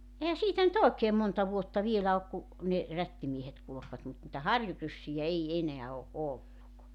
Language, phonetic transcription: Finnish, ehä 'siitä nyt "òekeem 'monta 'vuotta 'vielä ok ku , ne , 'rättimiehet kulu̬kvat mut nⁱtä "harjuryssijä "ei 'eneä o "’olluk .
- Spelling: eihän siitä nyt oikein monta vuotta vielä ole kun ne rättimiehet kulkivat mutta niitä harjuryssiä ei enää ole ollut

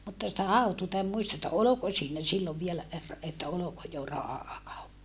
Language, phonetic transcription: Finnish, mutta sitä hautuuta em muista että oloko siinä sillov vielä er- , että oloko jo rahàkauppa .
- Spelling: mutta sitä hautuuta en muista että oliko siinä silloin vielä - että oliko jo rahakauppa

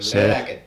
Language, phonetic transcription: Finnish, 'se ,.
- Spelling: se

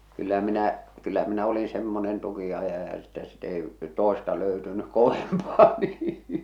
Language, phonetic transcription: Finnish, kyllä minä , kyllä minä olin 'semmonen 'tuki₍ajaja että sit ‿ei , "tòesta löytynyk̆ 'kovempaa nii .
- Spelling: kyllä minä kyllä minä olin semmoinen tukinajaja että sitten ei toista löytynyt kovempaa niin

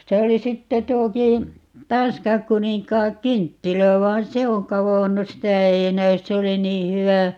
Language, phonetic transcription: Finnish, 'se oli 'sitte 'tuokii , 'tansk̀aŋkuniŋk̀aaŋ"kynttilä vain "se oŋ 'kavonnu - "sitä ei 'näys - 'se oli 'nii "hywä ,.
- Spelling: se oli sitten tuokin tanskankuninkaankynttilä vaan se on kadonnut sitä ei näy se oli niin hyvä

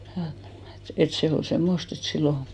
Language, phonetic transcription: Finnish, ja , et 'se ol 'semmost ‿et 'sillo ,.
- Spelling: ja että se oli semmoista että silloin

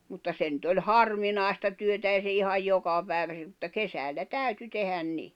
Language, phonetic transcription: Finnish, mutta 'se nʸt ‿oĺ "harvinàista työtä èi se ihaj 'joka pä̀i̬vä (se) ᵐᵘtta "kesällä 'täyty tehän 'ni .
- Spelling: mutta se nyt oli harvinaista työtä ei se ihan joka päivä se mutta kesällä täytyi tehdä niin

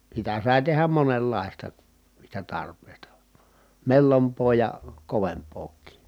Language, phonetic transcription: Finnish, sitä sài̮ tehäm monellàista , niistä tarp̀èi̮sta , mellomp̀oo ja , kovemp̆pook̀ii .
- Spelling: sitä sai tehdä monenlaista niistä tarpeista mellompaa ja kovempaakin

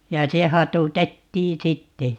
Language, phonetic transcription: Finnish, ja "se 'hatutettii "sitte .
- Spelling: ja se hatutettiin sitten

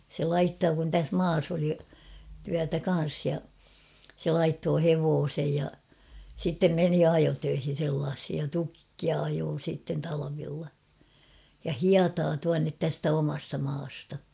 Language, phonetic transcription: Finnish, se "laittoo kun täs "maas ‿oli , tyätä 'kan̬s ja , se 'laittoo "hevoosej ja , sittem 'meni "ajotöihin̬ sellaashij ja "tukkia 'ajoo sìtten 'talavilla , ja "hiataa tuannet 'tästä 'omasta maasta .
- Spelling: se laittoi kun tässä maassa oli työtä kanssa ja se laittoi hevosen ja sitten meni ajotöihin sellaisiin ja tukkia ajoi sitten talvella ja hietaa tuonne tästä omasta maasta

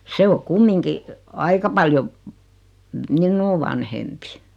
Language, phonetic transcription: Finnish, 'se o "kummiŋki , 'aika paljo , "minnuu vanhempi .
- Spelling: se on kumminkin aika paljon minua vanhempi

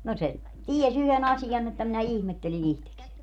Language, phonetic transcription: Finnish, no se , 'ties ‿yhe"n ‿asijan että minä "ihmetteli'n ‿ihtekseń .
- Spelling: no se tiesi yhden asian että minä ihmettelin itsekseni

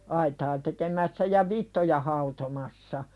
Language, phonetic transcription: Finnish, 'aitaa tekemässä ja "vittoja hautomassa .
- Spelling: aitaa tekemässä ja vitsoja hautomassa

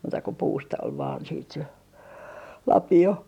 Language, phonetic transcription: Finnish, muuta ko "puusta ol vaan siit se , "lapi₍o .
- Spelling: muuta kuin puusta oli vain sitten se lapio

